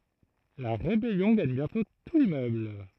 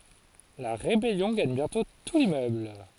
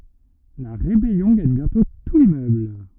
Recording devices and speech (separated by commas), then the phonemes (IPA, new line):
throat microphone, forehead accelerometer, rigid in-ear microphone, read sentence
la ʁebɛljɔ̃ ɡaɲ bjɛ̃tɔ̃ tu limmøbl